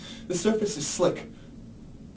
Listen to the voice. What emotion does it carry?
fearful